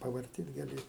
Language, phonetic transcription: Lithuanian, pavarˈtyt gaˈli

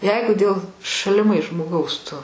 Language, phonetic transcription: Lithuanian, ˈjeigu dėl šaliˈmais žmoˈgaus ˈtu

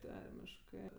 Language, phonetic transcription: Lithuanian, ˈtarmiškɜ

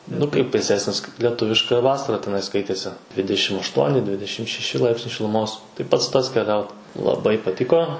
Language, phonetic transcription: Lithuanian, nu ˈkaip vėˈsesnis kaip lieˈtuviška ˈvasara teˈnai ˈskaitėsi ˈdvidešim ašˈtuoni ˈdvidešim šeˈši ˈlaipsniai šiluˈmos tai ˈpats ˈtas keˈliaut laˈbai paˈtiko

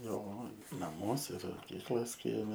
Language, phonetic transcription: Lithuanian, ˈjo naˈmuose ir moˈkyklas ˈkieme

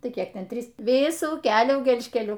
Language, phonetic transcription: Lithuanian, ˈtai ˈkiek ˈten ˈtrys ˈvisų ˈkelių gelžkeˈliu

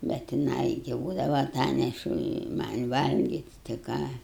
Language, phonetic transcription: Lithuanian, bet jiˈnai gi ˈbūdava aˈtanešu i ˈman' ˈvalgit' tai ˈką

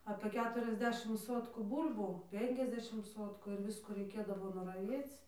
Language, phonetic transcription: Lithuanian, apė ˈketuriasˌdešim ˈsotkų ˈbūl'bų ˈpenkiasˌdešim ˈsotku ir ˈviskų reiˈkėdavo nuraˈviec

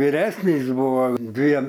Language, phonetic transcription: Lithuanian, viˈresnys ˈbuvo ˈdviem

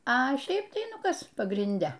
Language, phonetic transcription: Lithuanian, a ˈšeip tai ˈnu ˈkas pagrinˈde

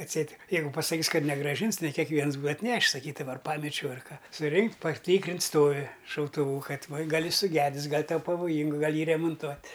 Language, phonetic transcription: Lithuanian, atˈseit ˈjeigu pasaˈkys ˈkad negrąˈžins ne kekˈviens ˈbūa atˈnešis saˈkydava ar ˈpamečiau ar ˈka suˈrinkt' paˈtykrins ˈstovi šautuˈvų ˈkad ˈva ˈgal' ˈjis suˈgedis ˈgal' ˈtau pavoˈjyngu gal ˈjį remonˈtuot'

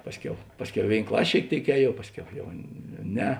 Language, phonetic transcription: Lithuanian, ˈpasˌkiau ˈpasˌkiau i ˈvėin ˈklas' šėik ˈtėik ˈēˌjuov ˈpasˌkiau jau ˈne

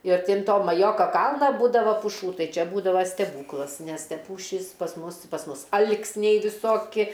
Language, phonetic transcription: Lithuanian, ir ˈti an ˈto maˈjoka ˈkalna ˈbūdava puˈšų ˈtai ˈčia ˈbūdava steˈbūklas nes te ˈpūšys pas ˈmus pas ˈmus ˈal'k's'niai viˈsoki

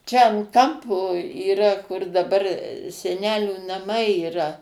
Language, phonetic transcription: Lithuanian, čia an ˈkampo yˈra kur daˈbar seˈnelių naˈmai yˈra

